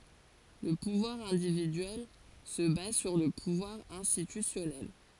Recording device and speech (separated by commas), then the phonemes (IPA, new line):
forehead accelerometer, read sentence
lə puvwaʁ ɛ̃dividyɛl sə baz syʁ lə puvwaʁ ɛ̃stitysjɔnɛl